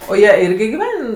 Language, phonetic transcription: Lithuanian, o ˈjie ˈirgi giˈven

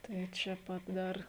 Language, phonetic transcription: Lithuanian, ˈtai čia ˈpat ˈdar

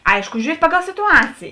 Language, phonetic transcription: Lithuanian, ˈaišku žiūˈriet' ˈpaˌgal situˈacėjė

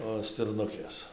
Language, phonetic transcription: Lithuanian, o stirˈnukės

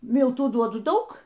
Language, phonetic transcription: Lithuanian, ˈmiltų ˈduodu ˈdaug

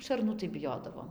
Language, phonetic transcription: Lithuanian, šarˈnų tai biˈjodavom

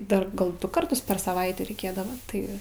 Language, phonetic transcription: Lithuanian, ˈdar ˈgal ˈdu karˈtus per saˈvaitė reiˈkėdava ˈtai

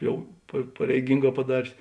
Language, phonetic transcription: Lithuanian, ˈjau pa pareiˈgynˌgā paˈdarės

